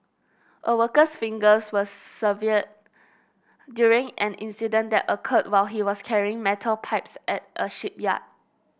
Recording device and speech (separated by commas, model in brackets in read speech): boundary microphone (BM630), read sentence